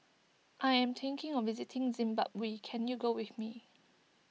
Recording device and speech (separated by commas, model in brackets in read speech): mobile phone (iPhone 6), read sentence